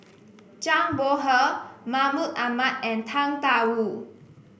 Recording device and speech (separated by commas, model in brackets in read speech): boundary microphone (BM630), read sentence